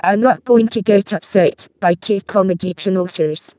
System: VC, vocoder